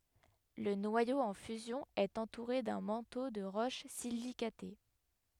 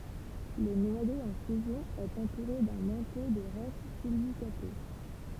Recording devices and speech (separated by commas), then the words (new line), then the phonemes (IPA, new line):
headset microphone, temple vibration pickup, read sentence
Le noyau en fusion est entouré d'un manteau de roches silicatées.
lə nwajo ɑ̃ fyzjɔ̃ ɛt ɑ̃tuʁe dœ̃ mɑ̃to də ʁoʃ silikate